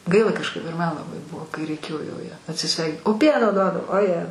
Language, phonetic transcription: Lithuanian, ˈgaila kažˈkaip ir ˈman laˈbai ˈbuvo kai reiˈkėjo jau ˈją atsiˈsvei o ˈpieno ˈduodav oˈje

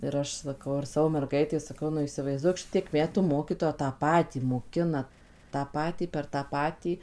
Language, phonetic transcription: Lithuanian, ir ˈaš saˈkau ir ˈsavo merˈgaitei saˈkau nu įsivaizˈduok ˈšitiek ˈmetų ˈmokytoja tą ˈpatį moˈkina tą ˈpatį per tą ˈpatį

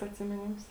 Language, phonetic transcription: Lithuanian, atsimiˈnims

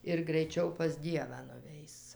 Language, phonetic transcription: Lithuanian, ir graiˈčiau pas ˈdievą nuˈveis

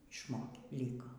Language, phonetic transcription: Lithuanian, išˈmokė ˈlyko

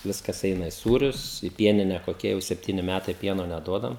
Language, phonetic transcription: Lithuanian, ˈviskas ˈeina i ˈsūrius i ˈpienine koˈkie jau sepˈtyni ˈmætai ˈpieno neˈduodam

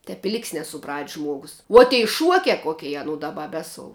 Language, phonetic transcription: Lithuanian, tep i ˈlik's' nesuˈprat's' ˈžmuogus uo tei ˈšuokia ˈkokei aˈnu ˈdaˌba ˈbesou

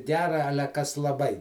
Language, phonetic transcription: Lithuanian, ˈgera ˈale ˈkas laˈbai

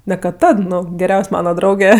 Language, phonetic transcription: Lithuanian, ne kad ˈtad ˈnu geˈriaus' ˈmana ˈdrauge

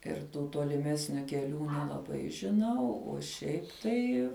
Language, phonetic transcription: Lithuanian, ir ˈtų toliˈmesniu keˈlių nelaˈbai žiˈnau o ˈšiaip tai

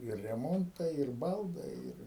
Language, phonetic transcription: Lithuanian, ir reˈmontai ir ˈbaldai ˈir

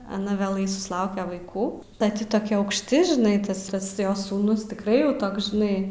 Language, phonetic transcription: Lithuanian, aˈna vėˈlai susˈlauke vaiˈkų ˈda ˈti toˈkia aukšˈti žiˈnai ˈtas ˈtas ˈjos sūˈnus tikˈrai jau ˈtoks žiˈnai

